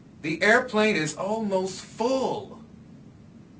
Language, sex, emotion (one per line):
English
male
disgusted